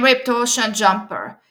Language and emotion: English, neutral